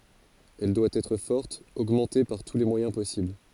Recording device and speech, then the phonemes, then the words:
forehead accelerometer, read sentence
ɛl dwa ɛtʁ fɔʁt oɡmɑ̃te paʁ tu le mwajɛ̃ pɔsibl
Elle doit être forte, augmentée par tous les moyens possibles.

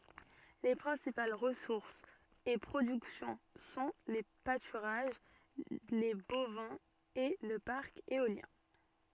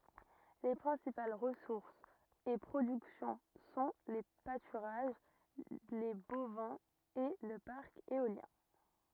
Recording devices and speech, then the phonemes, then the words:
soft in-ear microphone, rigid in-ear microphone, read sentence
le pʁɛ̃sipal ʁəsuʁsz e pʁodyksjɔ̃ sɔ̃ le patyʁaʒ le bovɛ̃z e lə paʁk eoljɛ̃
Les principales ressources et productions sont les pâturages, les bovins et le parc éolien.

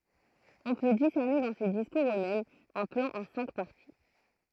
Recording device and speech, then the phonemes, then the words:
throat microphone, read sentence
ɔ̃ pø disɛʁne dɑ̃ se diskuʁz øksmɛmz œ̃ plɑ̃ ɑ̃ sɛ̃k paʁti
On peut discerner dans ces discours eux-mêmes un plan en cinq parties.

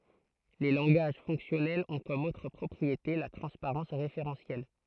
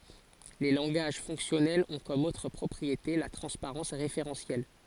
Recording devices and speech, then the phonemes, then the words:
throat microphone, forehead accelerometer, read sentence
le lɑ̃ɡaʒ fɔ̃ksjɔnɛlz ɔ̃ kɔm otʁ pʁɔpʁiete la tʁɑ̃spaʁɑ̃s ʁefeʁɑ̃sjɛl
Les langages fonctionnels ont comme autre propriété la transparence référentielle.

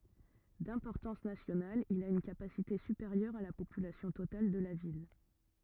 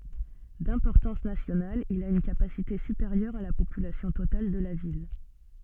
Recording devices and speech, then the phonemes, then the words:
rigid in-ear microphone, soft in-ear microphone, read sentence
dɛ̃pɔʁtɑ̃s nasjonal il a yn kapasite sypeʁjœʁ a la popylasjɔ̃ total də la vil
D’importance nationale, il a une capacité supérieure à la population totale de la ville.

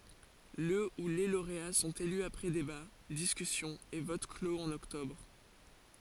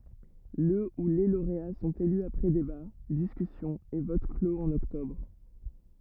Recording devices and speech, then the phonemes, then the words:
forehead accelerometer, rigid in-ear microphone, read sentence
lə u le loʁea sɔ̃t ely apʁɛ deba diskysjɔ̃z e vot kloz ɑ̃n ɔktɔbʁ
Le ou les lauréats sont élus après débats, discussions et votes clos en octobre.

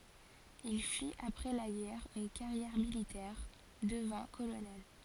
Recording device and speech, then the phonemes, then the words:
forehead accelerometer, read sentence
il fit apʁɛ la ɡɛʁ yn kaʁjɛʁ militɛʁ dəvɛ̃ kolonɛl
Il fit après la guerre une carrière militaire, devint colonel.

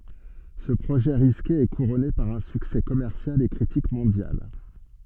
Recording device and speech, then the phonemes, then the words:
soft in-ear microphone, read sentence
sə pʁoʒɛ ʁiske ɛ kuʁɔne paʁ œ̃ syksɛ kɔmɛʁsjal e kʁitik mɔ̃djal
Ce projet risqué est couronné par un succès commercial et critique mondial.

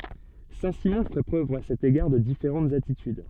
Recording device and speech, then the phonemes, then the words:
soft in-ear microphone, read sentence
sɛ̃tsimɔ̃ fɛ pʁøv a sɛt eɡaʁ də difeʁɑ̃tz atityd
Saint-Simon fait preuve à cet égard de différentes attitudes.

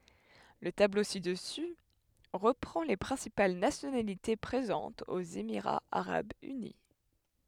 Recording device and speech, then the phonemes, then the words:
headset microphone, read sentence
lə tablo sidəsy ʁəpʁɑ̃ le pʁɛ̃sipal nasjonalite pʁezɑ̃tz oz emiʁaz aʁabz yni
Le tableau ci-dessus reprend les principales nationalités présentes aux Émirats arabes unis.

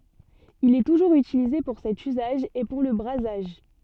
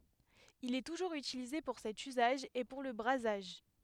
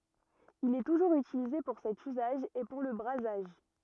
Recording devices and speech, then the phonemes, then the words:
soft in-ear microphone, headset microphone, rigid in-ear microphone, read sentence
il ɛ tuʒuʁz ytilize puʁ sɛt yzaʒ e puʁ lə bʁazaʒ
Il est toujours utilisé pour cet usage, et pour le brasage.

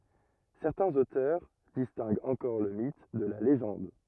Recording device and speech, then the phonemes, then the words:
rigid in-ear microphone, read sentence
sɛʁtɛ̃z otœʁ distɛ̃ɡt ɑ̃kɔʁ lə mit də la leʒɑ̃d
Certains auteurs distinguent encore le mythe de la légende.

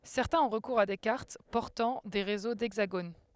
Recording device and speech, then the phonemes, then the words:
headset microphone, read sentence
sɛʁtɛ̃z ɔ̃ ʁəkuʁz a de kaʁt pɔʁtɑ̃ de ʁezo dɛɡzaɡon
Certains ont recours à des cartes portant des réseaux d'hexagones.

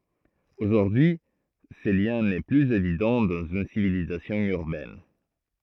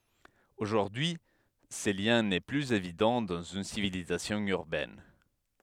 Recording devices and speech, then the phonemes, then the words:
throat microphone, headset microphone, read sentence
oʒuʁdyi y sə ljɛ̃ nɛ plyz evidɑ̃ dɑ̃z yn sivilizasjɔ̃ yʁbɛn
Aujourd'hui ce lien n'est plus évident dans une civilisation urbaine.

